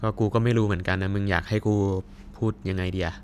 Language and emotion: Thai, frustrated